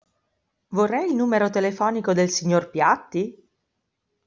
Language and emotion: Italian, surprised